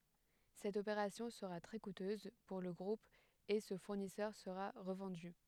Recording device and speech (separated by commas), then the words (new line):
headset microphone, read sentence
Cette opération sera très coûteuse pour le groupe et ce fournisseur sera revendu.